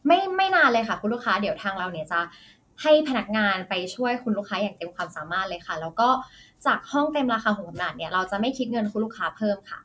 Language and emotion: Thai, neutral